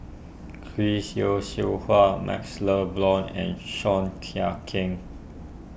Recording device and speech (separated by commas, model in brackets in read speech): boundary microphone (BM630), read sentence